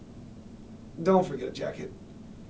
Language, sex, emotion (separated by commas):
English, male, neutral